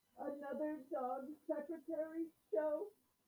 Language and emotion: English, fearful